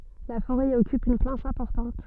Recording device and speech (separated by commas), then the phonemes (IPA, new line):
soft in-ear microphone, read sentence
la foʁɛ i ɔkyp yn plas ɛ̃pɔʁtɑ̃t